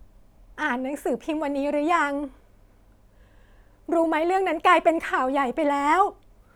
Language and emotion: Thai, sad